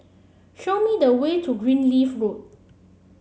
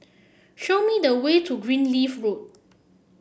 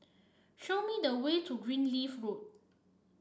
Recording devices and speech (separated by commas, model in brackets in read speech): mobile phone (Samsung C7), boundary microphone (BM630), standing microphone (AKG C214), read sentence